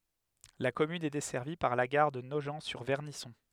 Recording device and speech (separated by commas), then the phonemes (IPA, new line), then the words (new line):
headset microphone, read sentence
la kɔmyn ɛ dɛsɛʁvi paʁ la ɡaʁ də noʒɑ̃tsyʁvɛʁnisɔ̃
La commune est desservie par la gare de Nogent-sur-Vernisson.